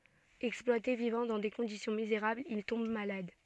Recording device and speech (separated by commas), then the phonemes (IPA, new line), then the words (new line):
soft in-ear microphone, read sentence
ɛksplwate vivɑ̃ dɑ̃ de kɔ̃disjɔ̃ mizeʁablz il tɔ̃b malad
Exploité, vivant dans des conditions misérables, il tombe malade.